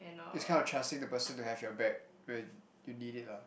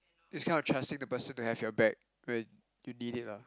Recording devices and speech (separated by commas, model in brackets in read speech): boundary microphone, close-talking microphone, conversation in the same room